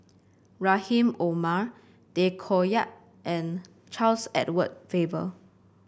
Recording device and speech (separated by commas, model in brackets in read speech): boundary microphone (BM630), read sentence